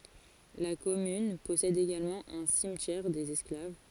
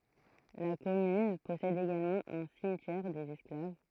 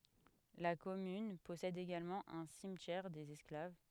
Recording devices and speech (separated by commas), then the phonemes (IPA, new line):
forehead accelerometer, throat microphone, headset microphone, read sentence
la kɔmyn pɔsɛd eɡalmɑ̃ œ̃ simtjɛʁ dez ɛsklav